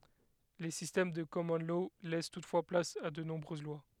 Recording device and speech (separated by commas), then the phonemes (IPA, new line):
headset microphone, read sentence
le sistɛm də kɔmɔn lɔ lɛs tutfwa plas a də nɔ̃bʁøz lwa